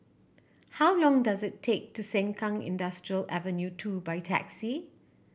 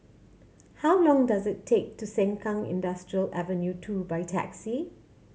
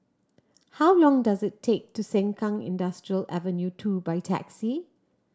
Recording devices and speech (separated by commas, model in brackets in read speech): boundary microphone (BM630), mobile phone (Samsung C7100), standing microphone (AKG C214), read sentence